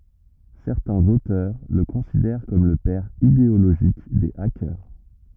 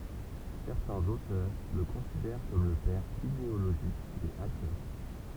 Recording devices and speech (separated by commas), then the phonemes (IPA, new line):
rigid in-ear microphone, temple vibration pickup, read sentence
sɛʁtɛ̃z otœʁ lə kɔ̃sidɛʁ kɔm lə pɛʁ ideoloʒik de akœʁ